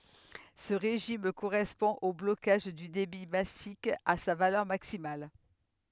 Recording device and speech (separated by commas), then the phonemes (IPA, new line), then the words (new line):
headset microphone, read sentence
sə ʁeʒim koʁɛspɔ̃ o blokaʒ dy debi masik a sa valœʁ maksimal
Ce régime correspond au blocage du débit massique à sa valeur maximale.